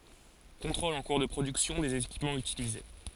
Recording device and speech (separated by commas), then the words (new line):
forehead accelerometer, read sentence
Contrôles en cours de production des équipements utilisés.